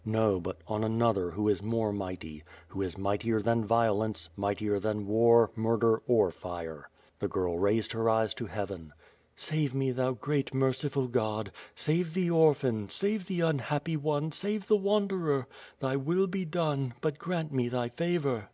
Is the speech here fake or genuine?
genuine